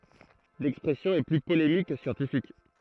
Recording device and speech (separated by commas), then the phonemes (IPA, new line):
throat microphone, read sentence
lɛkspʁɛsjɔ̃ ɛ ply polemik kə sjɑ̃tifik